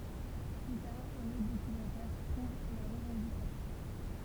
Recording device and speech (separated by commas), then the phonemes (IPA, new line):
temple vibration pickup, read sentence
ply taʁ œ̃n otʁ dokymɑ̃tɛʁ pʁuv la ʁəvɑ̃dikasjɔ̃